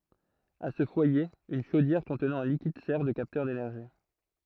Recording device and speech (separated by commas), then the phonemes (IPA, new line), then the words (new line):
throat microphone, read sentence
a sə fwaje yn ʃodjɛʁ kɔ̃tnɑ̃ œ̃ likid sɛʁ də kaptœʁ denɛʁʒi
À ce foyer, une chaudière contenant un liquide sert de capteur d'énergie.